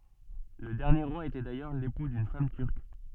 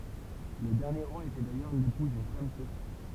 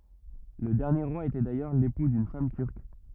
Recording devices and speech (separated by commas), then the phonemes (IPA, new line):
soft in-ear microphone, temple vibration pickup, rigid in-ear microphone, read sentence
lə dɛʁnje ʁwa etɛ dajœʁ lepu dyn fam tyʁk